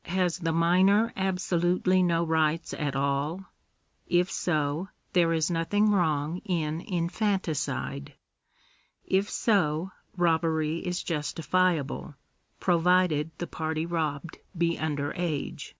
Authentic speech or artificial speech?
authentic